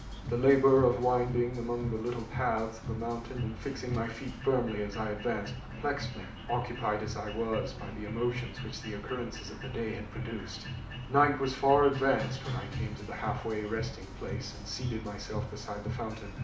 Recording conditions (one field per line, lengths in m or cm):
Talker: one person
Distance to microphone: 2.0 m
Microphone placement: close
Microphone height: 99 cm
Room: medium-sized (5.7 m by 4.0 m)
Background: music